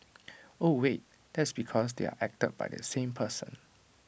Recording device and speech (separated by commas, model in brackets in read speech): boundary microphone (BM630), read sentence